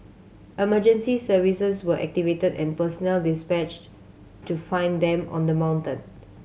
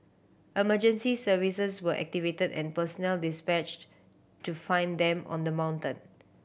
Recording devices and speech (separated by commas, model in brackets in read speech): mobile phone (Samsung C7100), boundary microphone (BM630), read sentence